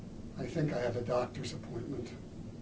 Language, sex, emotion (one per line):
English
male
neutral